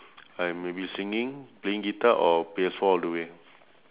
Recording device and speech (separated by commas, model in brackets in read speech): telephone, conversation in separate rooms